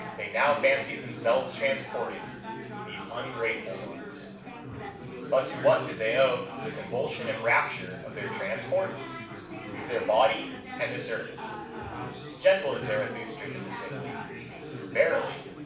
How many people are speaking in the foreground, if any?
One person.